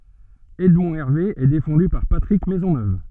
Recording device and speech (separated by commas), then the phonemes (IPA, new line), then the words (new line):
soft in-ear microphone, read sentence
ɛdmɔ̃ ɛʁve ɛ defɑ̃dy paʁ patʁik mɛzɔnøv
Edmond Hervé est défendu par Patrick Maisonneuve.